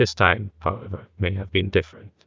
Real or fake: fake